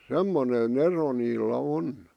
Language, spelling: Finnish, semmoinen ero niillä on
- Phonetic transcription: semmone'n ‿ero niillä 'on .

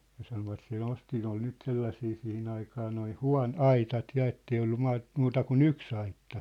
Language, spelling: Finnish, ja sanoivat se nosti ne oli nyt sellaisia siihen aikaan nuo - aitat ja että ei ollut - muuta kuin yksi aitta
- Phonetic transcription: ja 'sanovat se 'nosti ne ‿ol 'nyt 'sellasii 'sihin ‿aikaa noi "hua̭n- , "aitat 'ja ettei ollu 'maat- , "muuta ku"n ‿yks ‿aitta .

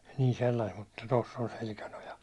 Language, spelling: Finnish, niin sellaista mutta tuossa on selkänoja
- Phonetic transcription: nii 'sellaist mutta tos's ‿on 'selkänoja .

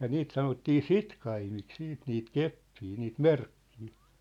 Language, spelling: Finnish, ja niitä sanottiin sitkaimiksi sitten niitä keppejä niitä merkkejä
- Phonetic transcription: ja "niit sanottii "sitkaimik 'siit niit "keppii niit "merkkii .

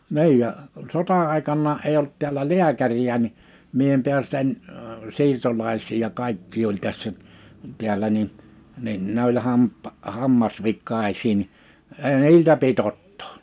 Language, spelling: Finnish, niin ja sota-aikanakaan ei ollut täällä lääkäriä niin minä en päässyt en siirtolaisia ja kaikkia oli tässä täällä niin niin ne oli - hammasvikaisia niin ei niiltä pidä ottaa
- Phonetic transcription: 'ni̬ij ja , 'sota₍àekannaa '’eij ‿olt tiälä "liäkäri₍ä ni , 'mie em piäst ‿en , 'siirtolais̀ii ja 'kaikkii oĺ tässä , 'tiälä ni , nin 'ne ‿oĺ 'hamppᵃ- , 'hammas'vikkais̀ii ni , ee 'niiltä pi't ‿ottᴏᴏ .

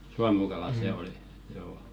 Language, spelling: Finnish, suomukala se oli joo
- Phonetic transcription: 'suamukalà "sè oli , joo .

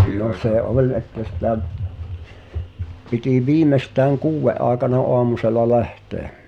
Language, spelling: Finnish, no se oli että sitä piti viimeistään kuuden aikana aamusella lähteä
- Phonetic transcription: no 'se "’oĺ että sitä’ , piti "viimestääŋ "kuuwve’ ’aaekana "oamusela 'lähte̳e̳ .

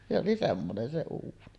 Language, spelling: Finnish, se oli semmoinen se uuni
- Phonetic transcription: se oli 'semmonen se 'uuni .

